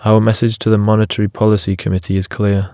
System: none